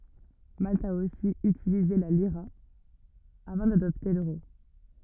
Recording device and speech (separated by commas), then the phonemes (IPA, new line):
rigid in-ear microphone, read sentence
malt a osi ytilize la liʁa avɑ̃ dadɔpte løʁo